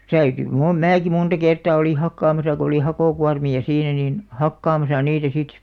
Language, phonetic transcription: Finnish, 'täyty , mu- "määki 'munta kertà oli 'hakkaamasa ko oli 'hakòkuarmi₍a "siinä nin , "hakkaamasa 'niitä sit .
- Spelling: täytyi - minäkin monta kertaa olin hakkaamassa kun oli hakokuormia siinä niin hakkaamassa niitä sitten

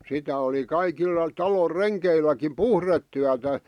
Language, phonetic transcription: Finnish, 'sitä oli 'kaikilla , 'talor "renkeilläkim "puhrettyätä .
- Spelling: sitä oli kaikilla talon rengeilläkin puhdetyötä

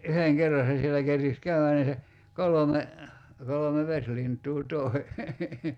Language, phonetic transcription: Finnish, 'yheŋ "kerra se sielä 'kerkis ("käy₍ä) nii se , "kolome , 'kolome "veslint̀uu 'toi̬ .
- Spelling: yhden kerran se siellä kerkisi käydä niin se kolme kolme vesilintua toi

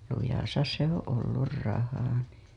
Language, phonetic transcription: Finnish, lujasa 'se ‿oo̰ "ollur 'raha NII .
- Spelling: lujassa se on ollut raha niin

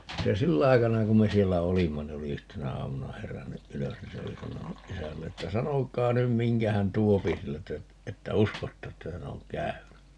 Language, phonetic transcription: Finnish, 'se "sill ‿aikana 'kum me 'siellä "olimma ni oli "yhtenä 'aamuna 'herännyʼ "ʼylös ni 'se oli 'sanonuʼ 'ʼisällee ‿ttä » "sanok̀aa 'nym 'miŋkä hän "tuopi 'sieltä , 'että "uskotta että 'hän ‿oŋ "käyny » .
- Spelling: se sillä aikana kun me siellä olimme niin oli yhtenä aamuna herännyt ylös niin se oli sanonut isälleen että sanokaa nyt minkä hän tuo sieltä että uskotte että hän on käynyt

